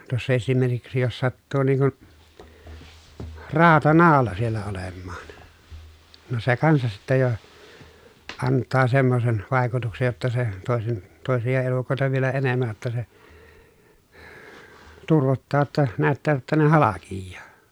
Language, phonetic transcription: Finnish, tuossa esimerkiksi jos sattuu niiŋ kun , raatanaala siellä olemmaan , no se kansas sittä jo , anttaa semmosen , vài̮kutuksej jotta se , tòesen , tòesija elukòeta vielä enemmäj jotta se , turvottaa ‿tta , näättää ‿ttä ne halakijjaa .
- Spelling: tuossa esimerkiksi jos sattuu niin kuin rautanaula siellä olemaan no se kanssa sitten jo antaa semmoisen vaikutuksen jotta se toisen toisia elukoita vielä enemmän jotta se turvottaa jotta näyttää että ne halkeaa

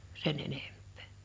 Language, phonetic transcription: Finnish, 'sen 'enemp̆pᴇ .
- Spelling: sen enempää

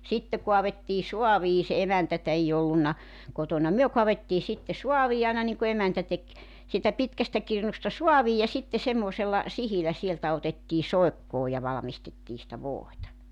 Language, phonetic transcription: Finnish, 'sitte 'koavettii "soavii se 'emäntätä ei 'ollunna , 'kotona 'myö 'koavettii sitte 'suavii aina niŋku 'emäntä tek , siitä 'pitkästä 'kirnusta "suavii ja 'sitte 'semmòsella , 'sihilä 'sieltä otettii 'soekkoo ja valᵃmistettii sⁱtä "vòita .
- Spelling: sitten kaadettiin saaviin se emäntää ei ollut kotona me kaadettiin sitten saaviin aina niin kuin emäntä teki siitä pitkästä kirnusta saaviin ja sitten semmoisella sihdillä sieltä otettiin soikkoon ja valmistettiin sitä voita

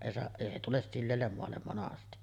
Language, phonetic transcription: Finnish, èi se , 'èi se 'tules 'silleellem moallem monasti .
- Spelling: ei se ei se tule sileälle maalle monesti

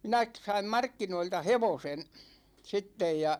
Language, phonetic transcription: Finnish, 'minä k- saim "markkinoilta "hevosen , 'sittej ja .
- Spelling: minä - sain markkinoilta hevosen sitten ja

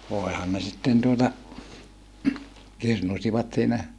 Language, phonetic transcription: Finnish, voehan ne sitten tuota , kirnusivat siinä ,.
- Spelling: voinhan ne sitten tuota kirnusivat siinä

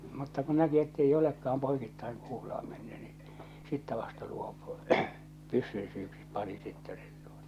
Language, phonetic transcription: Finnish, mutta ku näki ettei olekka₍am 'poikittaiŋ kuul°à menny ɴɪ , 'sittä vasta luopᴜ , 'pyssyn syyksip̆ pani sittɛ sᴇɴ tᴜᴏtᴀ .
- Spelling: mutta kun näki että ei olekaan poikittain kuulaa mennyt niin sitten vasta luopui pyssyn syyksi pani sitten sen tuota

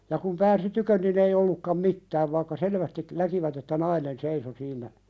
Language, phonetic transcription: Finnish, ja kum pääsi "tykön nin ‿ei ollukkam "mittääv vaⁱkka 'selvästik̳ , näkivät ‿että "nainen 'seiso siiǹä ,.
- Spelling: ja kun pääsi tykö niin ei ollutkaan mitään vaikka selvästi näkivät että nainen seisoi siinä

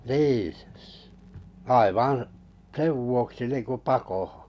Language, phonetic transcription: Finnish, nii , "aivaa̰ , 'sev vuoksi niiŋku 'pakohᴏ .
- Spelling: niin aivan sen vuoksi niin kuin pakoon

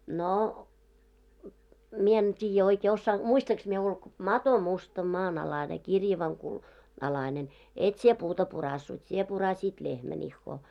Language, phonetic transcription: Finnish, no , 'mie en 't́iijjä oikee ossaan- , 'muistaŋks mie ulk- , » 'mato musta 'maan₍'alane 'kirjavaŋ ku- , 'alainen , 'et sie 'puuta 'purassut , sie puraśiit 'lehmän ‿ihhoo .
- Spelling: no minä en tiedä oikein - muistankos minä - mato musta maanalainen kirjavan - alainen et sinä puuta puraissut sinä puraisit lehmän ihoa

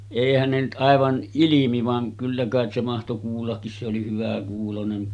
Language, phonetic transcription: Finnish, 'èihän ne nyt 'ˀàevan , 'ilimi vaŋ kyllä kàet se mahto 'kuullakkis se oli 'hyväkuulonen .
- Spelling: eihän ne nyt aivan ilmi vaan kyllä kai se mahtoi kuullakin se oli hyväkuuloinen

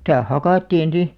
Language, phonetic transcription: Finnish, [si]tä "hakàttiin̬ 'si .
- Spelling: sitä hakattiin sitten

